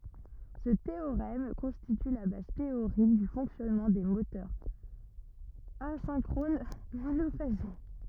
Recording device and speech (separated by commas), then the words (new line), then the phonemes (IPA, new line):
rigid in-ear microphone, read sentence
Ce théorème constitue la base théorique du fonctionnement des moteurs asynchrones monophasés.
sə teoʁɛm kɔ̃stity la baz teoʁik dy fɔ̃ksjɔnmɑ̃ de motœʁz azɛ̃kʁon monofaze